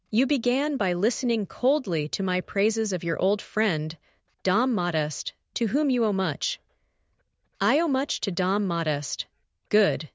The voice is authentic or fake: fake